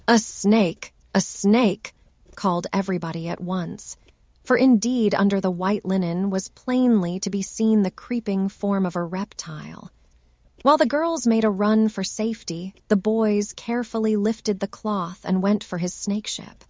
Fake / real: fake